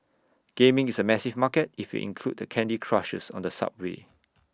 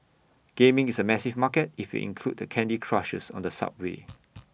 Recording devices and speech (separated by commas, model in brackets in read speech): standing microphone (AKG C214), boundary microphone (BM630), read sentence